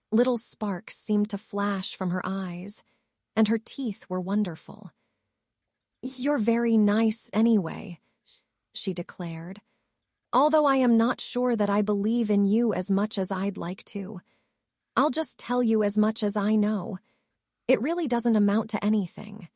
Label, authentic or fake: fake